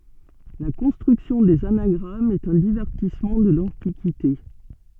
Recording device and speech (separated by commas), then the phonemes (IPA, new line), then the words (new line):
soft in-ear microphone, read sentence
la kɔ̃stʁyksjɔ̃ dez anaɡʁamz ɛt œ̃ divɛʁtismɑ̃ də lɑ̃tikite
La construction des anagrammes est un divertissement de l'Antiquité.